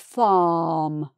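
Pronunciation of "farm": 'Farm' is said the British English way, with an open ah vowel sound and no r sound.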